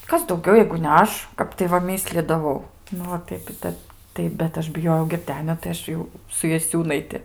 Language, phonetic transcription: Lithuanian, ˈkas dauˈgiau jeigu ne ˈaš ˈkap tai va ˈmyslydavau ˈnu o ˈtaip i ˈtep ˈtai bet ˈaš biˈjojau girˈdenio tai ˈaš jau su jaˈsiūnaiti

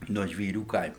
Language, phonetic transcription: Lithuanian, nuo žvyˈrių ˈkaimu

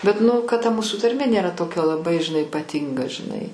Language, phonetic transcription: Lithuanian, bet nu kad ta ˈmūsu tarˈmė ˈnėra ˈtokia laˈbai žiˈnai ipaˈtinga žiˈnai

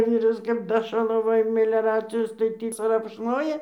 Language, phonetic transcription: Lithuanian, ˈvyras kap ˈdašalavoja mileˈracijos tai ˈtį krapšˈnoja

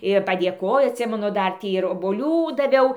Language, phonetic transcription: Lithuanian, ir padėˈkojo atˈsimenu ˈdar ˈtį ir oboˈlių daˈviau

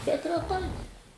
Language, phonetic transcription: Lithuanian, bet reˈtai

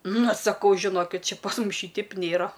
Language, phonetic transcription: Lithuanian, ˈnu saˈkau žiˈnokit ˈčia pas ˈmus ˈšyteip ˈnėra

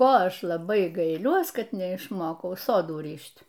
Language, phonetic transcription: Lithuanian, ˈko ˈaš laˈbai gaiˈliuos ˈkad neišˈmokau ˈsodų ˈryš't'

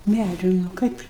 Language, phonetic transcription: Lithuanian, ˈmædžiu nu ˈkaip

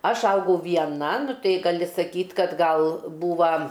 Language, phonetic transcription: Lithuanian, ˈaš ˈaugau vieˈna ˈnu ˈtai gaˈli saˈkyt' kad ˈgal ˈbūva

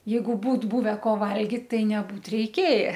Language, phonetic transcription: Lithuanian, ˈjeigu ˈbūt ˈbuve ˈko ˈvalgit ˈtai neˈbūt reiˈkėja

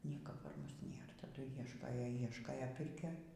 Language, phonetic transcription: Lithuanian, ˈnieka par ˈmus ˈnėr taˈdu ˈieškojo ˈieškojo ˈpirkioj

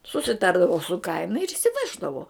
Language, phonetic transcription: Lithuanian, susiˈtardavu su ˈkaina ir išsiˈveždavo

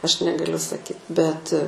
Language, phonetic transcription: Lithuanian, ˈaš negaˈliu saˈkyt bet

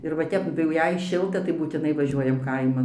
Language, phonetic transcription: Lithuanian, ir va ˈtep tai jau jei ˈšilta tai būtiˈnai vaˈžiuojam ˈkaiman

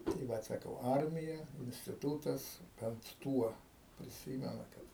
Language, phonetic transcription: Lithuanian, tai ˈvat saˈkau ˈarmija instiˈtūtas bent ˈtuo priˈsymena ˈkad

